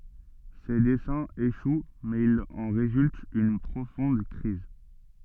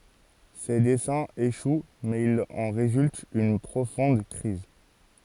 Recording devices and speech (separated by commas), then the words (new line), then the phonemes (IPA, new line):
soft in-ear microphone, forehead accelerometer, read sentence
Ses desseins échouent, mais il en résulte une profonde crise.
se dɛsɛ̃z eʃw mɛz il ɑ̃ ʁezylt yn pʁofɔ̃d kʁiz